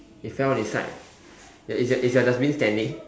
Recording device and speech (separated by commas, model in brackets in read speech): standing microphone, conversation in separate rooms